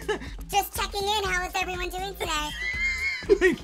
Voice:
high pitched